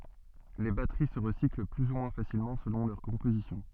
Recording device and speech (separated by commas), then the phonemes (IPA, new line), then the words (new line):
soft in-ear microphone, read sentence
le batəʁi sə ʁəsikl ply u mwɛ̃ fasilmɑ̃ səlɔ̃ lœʁ kɔ̃pozisjɔ̃
Les batteries se recyclent plus ou moins facilement selon leur composition.